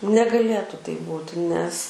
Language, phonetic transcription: Lithuanian, negaˈlėtu taip ˈbūti nes

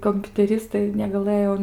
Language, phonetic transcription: Lithuanian, kompiuteˈristai negaˈlɘjo

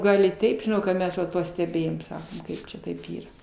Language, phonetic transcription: Lithuanian, ˈgal i ˈteip žiˈnau ka ˈmes va ˈtuo steˈbėjom ˈsakom ˈkaip čia ˈtaip ˈyra

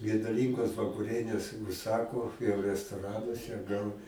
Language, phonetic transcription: Lithuanian, geduˈlyngos vakuˈrienės užˈsako jau restoˈranuose gal

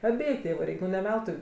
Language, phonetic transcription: Lithuanian, aˈbėju ˈtėvu ˈreik' nu ne ˈveltui

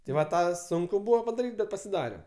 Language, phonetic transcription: Lithuanian, tai va ˈtą ˈsunku ˈbuvo padaˈryt' bet pasiˈdarem

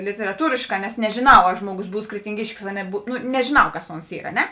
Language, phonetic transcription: Lithuanian, literaˈtūrėšˌkā nes nežėˈnau a ˈžmoˌgus ˈbūs kretinˈgiškis a neˈbu ˈnu nežiˈnau ˈkas ˈons ˈyr a ˈne

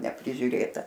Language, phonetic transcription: Lithuanian, neprižiuˈrėta

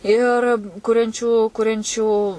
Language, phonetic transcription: Lithuanian, ˈir ˈkuriančių ˈkuriančių

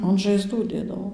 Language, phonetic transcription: Lithuanian, an žaiˈzdų ˈdėdavo

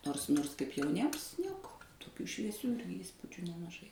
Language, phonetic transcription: Lithuanian, ˈnors ˈnors kaip jauˈniems ˈnieko toˈkių švieˈsių ˈįspudžiu nemaˈžai

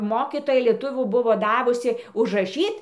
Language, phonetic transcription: Lithuanian, ˈmokytoja lieˈtuvių ˈbuvo ˈdavusi užraˈšyt

